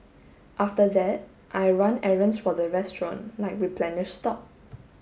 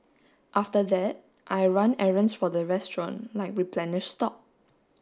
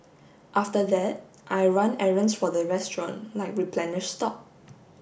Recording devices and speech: mobile phone (Samsung S8), standing microphone (AKG C214), boundary microphone (BM630), read sentence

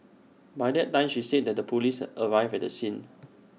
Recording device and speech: mobile phone (iPhone 6), read sentence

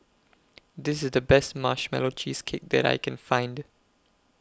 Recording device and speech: close-talking microphone (WH20), read sentence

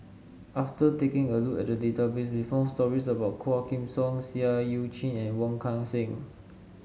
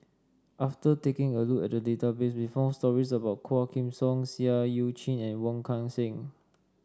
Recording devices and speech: mobile phone (Samsung S8), standing microphone (AKG C214), read sentence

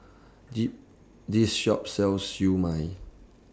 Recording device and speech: standing microphone (AKG C214), read sentence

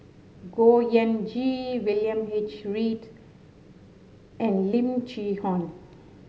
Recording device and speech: mobile phone (Samsung S8), read sentence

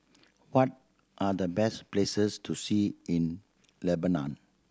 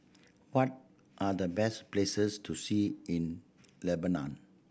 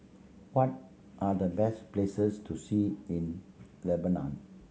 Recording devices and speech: standing microphone (AKG C214), boundary microphone (BM630), mobile phone (Samsung C7100), read sentence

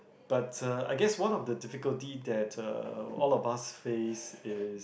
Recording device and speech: boundary microphone, conversation in the same room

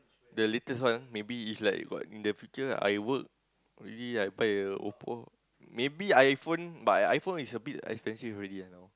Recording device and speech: close-talking microphone, conversation in the same room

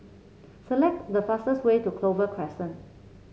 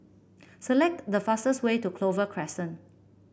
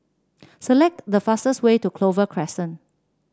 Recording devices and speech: mobile phone (Samsung C7), boundary microphone (BM630), standing microphone (AKG C214), read sentence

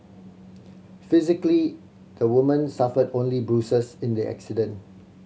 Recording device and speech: mobile phone (Samsung C7100), read sentence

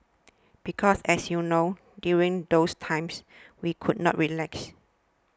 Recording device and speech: standing microphone (AKG C214), read sentence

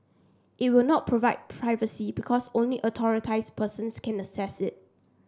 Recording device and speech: standing microphone (AKG C214), read sentence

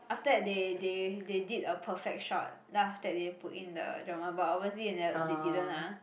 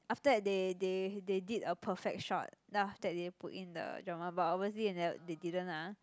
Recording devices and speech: boundary microphone, close-talking microphone, conversation in the same room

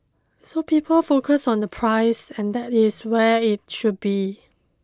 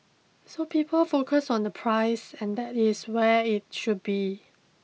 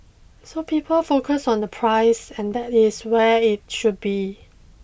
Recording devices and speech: close-talking microphone (WH20), mobile phone (iPhone 6), boundary microphone (BM630), read sentence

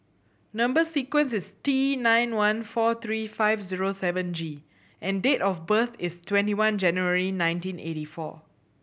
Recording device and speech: boundary microphone (BM630), read sentence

